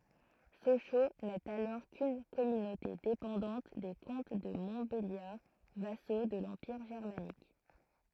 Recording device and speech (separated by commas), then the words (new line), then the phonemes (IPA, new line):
throat microphone, read sentence
Sochaux n'est alors qu'une communauté dépendante des comtes de Montbéliard vassaux de l'Empire germanique.
soʃo nɛt alɔʁ kyn kɔmynote depɑ̃dɑ̃t de kɔ̃t də mɔ̃tbeljaʁ vaso də lɑ̃piʁ ʒɛʁmanik